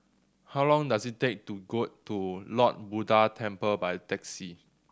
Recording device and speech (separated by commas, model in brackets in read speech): standing microphone (AKG C214), read sentence